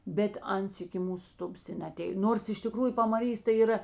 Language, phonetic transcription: Lithuanian, bet ˈans iki ˈmūs ˈstubas i neaˈtėj ˈnors iš tiˈkrųju pamaˈrys tai yˈra

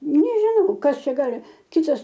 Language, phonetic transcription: Lithuanian, nežiˈnau ˈkas ˈčia ˈgali ˈkitas

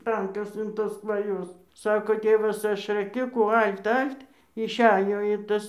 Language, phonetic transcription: Lithuanian, ˈtankas in ˈtos kvaˈjos ˈsako ˈtėvas ˈaš rɘˈkiu kų (ˈal't/halt ˈal't/halt) išˈejo ir ˈtas

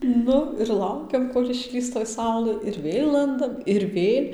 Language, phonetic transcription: Lithuanian, ˈnu ir ˈlaukiam kol' išˈlįs toj ˈsaulɘ ir ˈvėl ˈlandam ir ˈvėl'

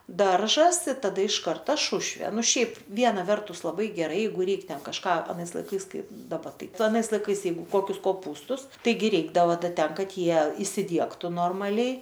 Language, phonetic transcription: Lithuanian, ˈdaržas i taˈda iš ˈkarta ˈšušvė ˈnu ˈšiaip ˈviena ˈvertus laˈbai geˈrai ˈjeigu ˈreik ˈten kažˈką aˈnais laiˈkais ˈkai daˈba ˈtai ˈtu aˈnais laiˈkais ˈjeigu ˈkokius koˈpūstus ˈtaigi ˈreikdavo ˈda ˈten ˈkad ˈjie isiˈdiegtu ˈnormaliai

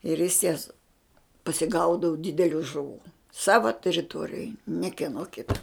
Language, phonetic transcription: Lithuanian, ir jis jas pasiˈgaudavu ˈdideliu žuˈvų ˈsava teriˈtuorijoj ne kieˈno ˈkita

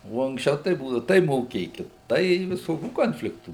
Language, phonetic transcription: Lithuanian, o anksˈčiau tai ˈbūdau tai moˈkėkit ˈtai viˈsokių ˈkonfliktų

